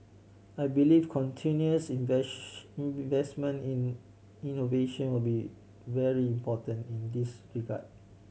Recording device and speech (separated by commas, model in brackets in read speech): mobile phone (Samsung C7100), read sentence